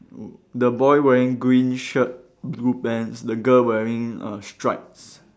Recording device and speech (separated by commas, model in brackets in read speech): standing microphone, conversation in separate rooms